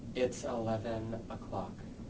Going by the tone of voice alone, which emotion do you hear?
neutral